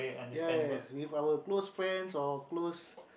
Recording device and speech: boundary microphone, conversation in the same room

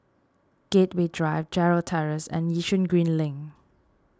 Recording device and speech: standing microphone (AKG C214), read sentence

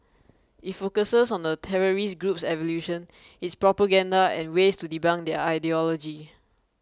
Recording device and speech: close-talking microphone (WH20), read sentence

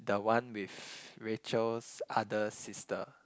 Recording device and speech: close-talking microphone, conversation in the same room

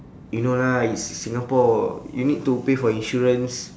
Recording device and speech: standing microphone, conversation in separate rooms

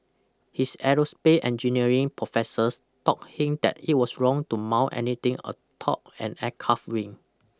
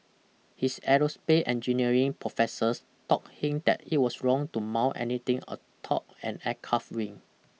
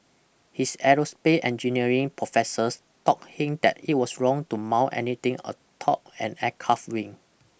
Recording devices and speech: close-talking microphone (WH20), mobile phone (iPhone 6), boundary microphone (BM630), read sentence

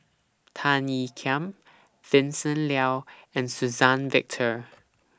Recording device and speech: standing microphone (AKG C214), read sentence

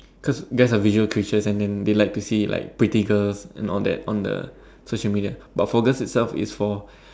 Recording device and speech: standing microphone, conversation in separate rooms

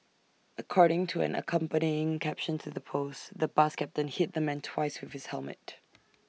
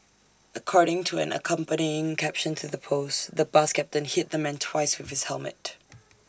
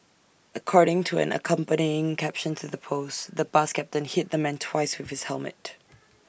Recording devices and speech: mobile phone (iPhone 6), standing microphone (AKG C214), boundary microphone (BM630), read sentence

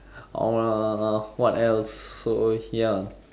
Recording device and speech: standing microphone, conversation in separate rooms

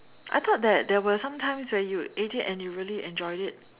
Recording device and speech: telephone, conversation in separate rooms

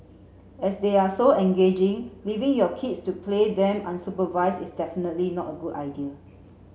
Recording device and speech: mobile phone (Samsung C7), read sentence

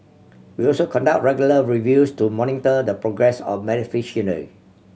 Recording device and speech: mobile phone (Samsung C7100), read sentence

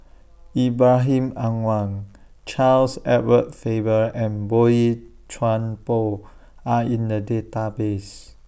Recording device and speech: boundary microphone (BM630), read sentence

